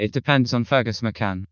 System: TTS, vocoder